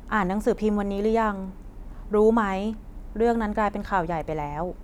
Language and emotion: Thai, neutral